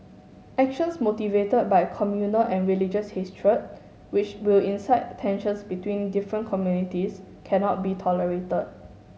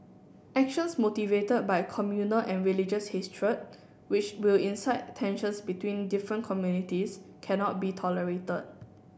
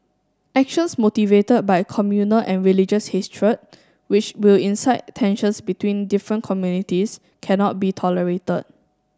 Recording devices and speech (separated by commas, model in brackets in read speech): mobile phone (Samsung S8), boundary microphone (BM630), standing microphone (AKG C214), read sentence